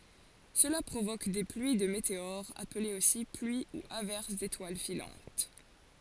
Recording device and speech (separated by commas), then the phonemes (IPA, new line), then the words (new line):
forehead accelerometer, read sentence
səla pʁovok de plyi də meteoʁz aplez osi plyi u avɛʁs detwal filɑ̃t
Cela provoque des pluies de météores, appelées aussi pluies ou averses d'étoiles filantes.